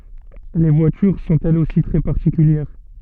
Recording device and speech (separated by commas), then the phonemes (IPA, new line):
soft in-ear microphone, read sentence
le vwatyʁ sɔ̃t ɛlz osi tʁɛ paʁtikyljɛʁ